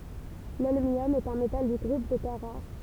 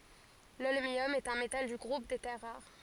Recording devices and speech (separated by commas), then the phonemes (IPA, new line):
temple vibration pickup, forehead accelerometer, read sentence
lɔlmjɔm ɛt œ̃ metal dy ɡʁup de tɛʁ ʁaʁ